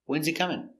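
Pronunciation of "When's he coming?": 'When is' is contracted to 'when's', and the h in 'he' is silent, so 'when's he' is linked together.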